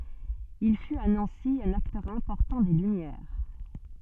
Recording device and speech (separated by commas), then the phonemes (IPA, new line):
soft in-ear microphone, read sentence
il fyt a nɑ̃si œ̃n aktœʁ ɛ̃pɔʁtɑ̃ de lymjɛʁ